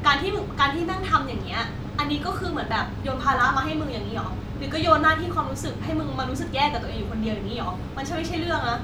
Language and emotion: Thai, frustrated